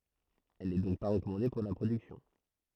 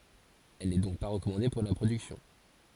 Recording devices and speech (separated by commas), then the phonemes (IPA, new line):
throat microphone, forehead accelerometer, read sentence
ɛl nɛ dɔ̃k pa ʁəkɔmɑ̃de puʁ la pʁodyksjɔ̃